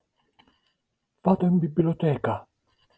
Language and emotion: Italian, sad